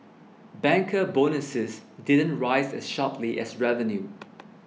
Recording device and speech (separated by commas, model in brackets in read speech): mobile phone (iPhone 6), read sentence